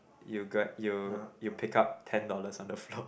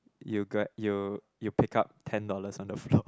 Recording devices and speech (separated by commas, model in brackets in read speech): boundary microphone, close-talking microphone, conversation in the same room